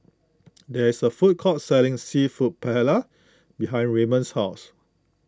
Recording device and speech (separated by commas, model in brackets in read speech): close-talking microphone (WH20), read sentence